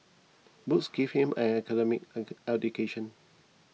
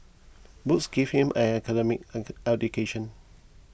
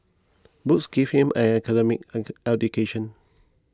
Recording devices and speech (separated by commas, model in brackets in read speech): mobile phone (iPhone 6), boundary microphone (BM630), close-talking microphone (WH20), read sentence